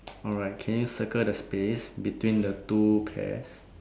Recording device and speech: standing microphone, conversation in separate rooms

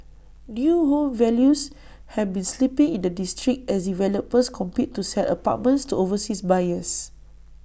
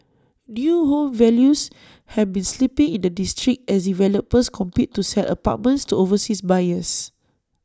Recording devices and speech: boundary microphone (BM630), standing microphone (AKG C214), read sentence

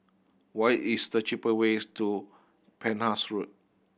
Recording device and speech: boundary microphone (BM630), read sentence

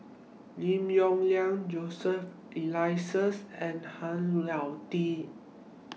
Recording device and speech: mobile phone (iPhone 6), read sentence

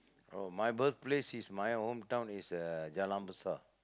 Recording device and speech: close-talking microphone, conversation in the same room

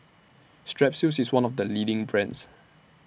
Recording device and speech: boundary microphone (BM630), read sentence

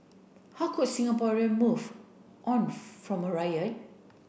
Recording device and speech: boundary microphone (BM630), read sentence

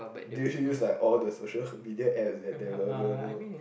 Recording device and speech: boundary microphone, conversation in the same room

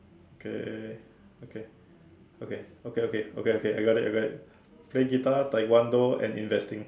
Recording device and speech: standing microphone, conversation in separate rooms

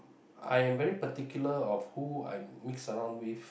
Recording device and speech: boundary microphone, conversation in the same room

